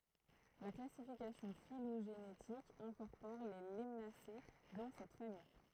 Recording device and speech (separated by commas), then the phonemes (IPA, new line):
throat microphone, read sentence
la klasifikasjɔ̃ filoʒenetik ɛ̃kɔʁpɔʁ le lanase dɑ̃ sɛt famij